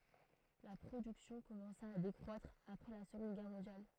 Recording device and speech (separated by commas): throat microphone, read sentence